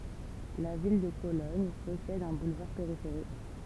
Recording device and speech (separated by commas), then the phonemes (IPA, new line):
temple vibration pickup, read sentence
la vil də kolɔɲ pɔsɛd œ̃ bulvaʁ peʁifeʁik